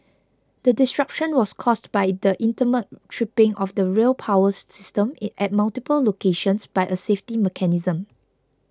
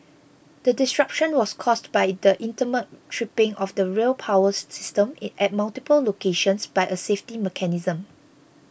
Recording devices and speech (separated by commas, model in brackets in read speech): close-talking microphone (WH20), boundary microphone (BM630), read sentence